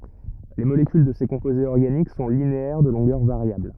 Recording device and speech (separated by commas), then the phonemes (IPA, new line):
rigid in-ear microphone, read sentence
le molekyl də se kɔ̃pozez ɔʁɡanik sɔ̃ lineɛʁ də lɔ̃ɡœʁ vaʁjabl